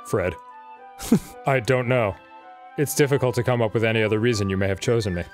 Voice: Deeply